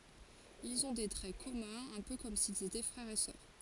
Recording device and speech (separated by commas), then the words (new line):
forehead accelerometer, read sentence
Ils ont des traits communs, un peu comme s'ils étaient frères et sœurs.